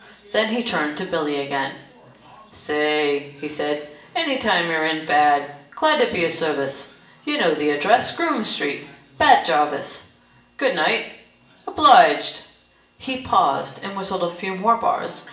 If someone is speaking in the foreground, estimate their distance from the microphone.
1.8 m.